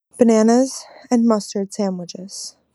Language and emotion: English, fearful